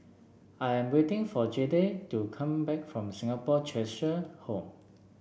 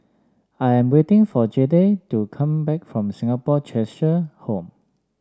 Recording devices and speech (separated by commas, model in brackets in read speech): boundary microphone (BM630), standing microphone (AKG C214), read sentence